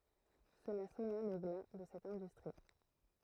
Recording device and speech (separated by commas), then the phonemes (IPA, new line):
throat microphone, read sentence
səla sɔna lə ɡla də sɛt ɛ̃dystʁi